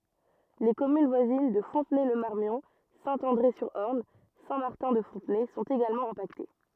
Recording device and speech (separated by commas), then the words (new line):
rigid in-ear microphone, read sentence
Les communes voisines de Fontenay-le-Marmion, Saint-André-sur-Orne, Saint-Martin-de-Fontenay sont également impactées.